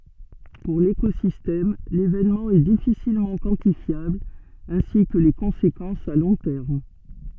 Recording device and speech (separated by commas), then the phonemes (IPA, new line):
soft in-ear microphone, read sentence
puʁ lekozistɛm levenmɑ̃ ɛ difisilmɑ̃ kwɑ̃tifjabl ɛ̃si kə le kɔ̃sekɑ̃sz a lɔ̃ tɛʁm